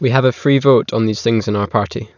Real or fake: real